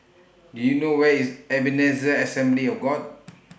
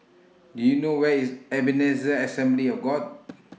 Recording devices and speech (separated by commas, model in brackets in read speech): boundary microphone (BM630), mobile phone (iPhone 6), read sentence